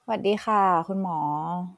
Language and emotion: Thai, neutral